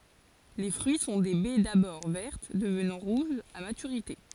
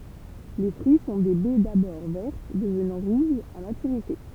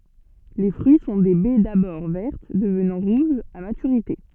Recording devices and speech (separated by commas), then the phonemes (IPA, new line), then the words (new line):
forehead accelerometer, temple vibration pickup, soft in-ear microphone, read sentence
le fʁyi sɔ̃ de bɛ dabɔʁ vɛʁt dəvnɑ̃ ʁuʒz a matyʁite
Les fruits sont des baies d'abord vertes, devenant rouges à maturité.